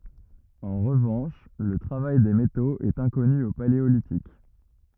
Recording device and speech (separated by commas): rigid in-ear microphone, read sentence